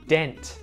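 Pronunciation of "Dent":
'Dent' is said with the t pronounced.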